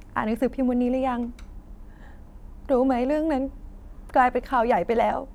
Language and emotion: Thai, sad